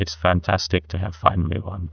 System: TTS, neural waveform model